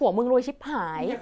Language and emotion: Thai, frustrated